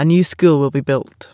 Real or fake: real